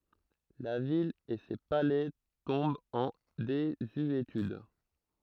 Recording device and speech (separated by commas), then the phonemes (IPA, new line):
throat microphone, read sentence
la vil e se palɛ tɔ̃bt ɑ̃ dezyetyd